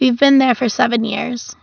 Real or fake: real